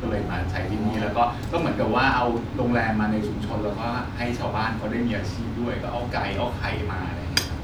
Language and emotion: Thai, neutral